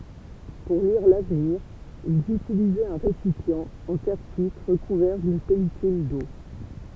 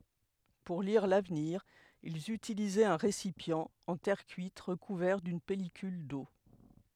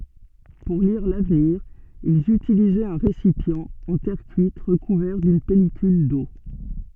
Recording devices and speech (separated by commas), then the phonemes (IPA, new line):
temple vibration pickup, headset microphone, soft in-ear microphone, read sentence
puʁ liʁ lavniʁ ilz ytilizɛt œ̃ ʁesipjɑ̃ ɑ̃ tɛʁ kyit ʁəkuvɛʁ dyn pɛlikyl do